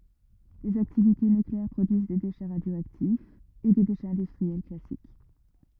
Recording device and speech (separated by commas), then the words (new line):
rigid in-ear microphone, read sentence
Les activités nucléaires produisent des déchets radioactifs et des déchets industriels classiques.